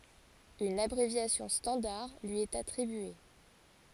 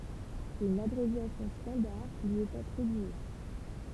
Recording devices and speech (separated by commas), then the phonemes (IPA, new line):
forehead accelerometer, temple vibration pickup, read sentence
yn abʁevjasjɔ̃ stɑ̃daʁ lyi ɛt atʁibye